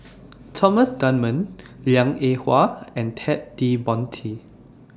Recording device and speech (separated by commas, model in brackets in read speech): standing microphone (AKG C214), read sentence